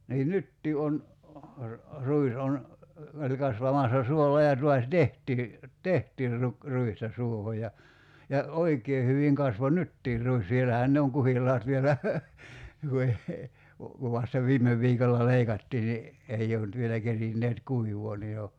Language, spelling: Finnish, niin nytkin on ruis on meillä kasvamassa suolla ja taas tehtiin tehtiin - ruista suohon ja ja oikein hyvin kasvoi nytkin ruis siellähän ne on kuhilaat vielä - - kun vasta viime viikolla leikattiin niin ei ole nyt vielä kerinneet kuivaa niin jo
- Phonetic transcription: niin 'nyttii on , 'ruis on , (meillä) 'kasvamassa 'suolla ja 'tuas "tehtii , "tehtiir ruk- , 'ruista 'suoho ja , ja , "oik̀ee hyviŋ 'kasvo "nyttiir ruis 'sielähän 'ne oŋ 'kuhil̀aat vielä , (veh- he) , ku vasta 'viime 'v̀iikolla "leikattii ni , 'ei oo nʸt vielä 'kerinneet "kuivoo ni jo ,.

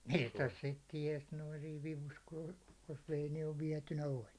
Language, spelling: Finnish, mistäs sitten tiesi noin siinä vivussa kun oli jos vei niin vietynä oli
- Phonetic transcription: 'mistäs sit 'tiɛs noin̬ siiv vivus ku ᴏʟ , jos vei niiv viɛtynä 'oĺ .

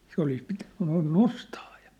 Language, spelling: Finnish, se olisi pitänyt noin nostaa jo
- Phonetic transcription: se olis pitᴀ̈ɴ , noin 'nostaa jᴀ ,.

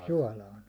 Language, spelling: Finnish, suolaan
- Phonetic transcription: suålaan .

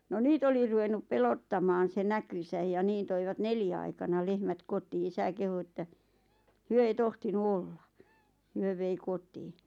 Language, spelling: Finnish, no niitä oli ruvennut pelottamaan se näkynsä ja niin toivat neljän aikana lehmät kotiin isä kehui että he ei tohtinut olla he vei kotiin
- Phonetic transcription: no 'niit ‿oli ruvennup "pelottamaan se 'näkysäj ja 'niin toivat "neljä aikana 'lehmät 'kotii "isä kehu että , "hyö ei 'tohtinu "olla , 'hyö vei 'kotiiɴ .

